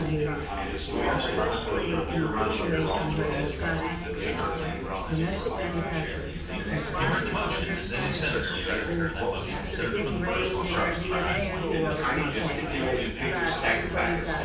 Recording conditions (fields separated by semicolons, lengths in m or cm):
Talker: one person; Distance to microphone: 9.8 m; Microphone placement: far; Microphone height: 1.8 m; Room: large; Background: babble